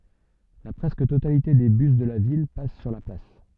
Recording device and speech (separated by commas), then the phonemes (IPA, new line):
soft in-ear microphone, read sentence
la pʁɛskə totalite de bys də la vil pas syʁ la plas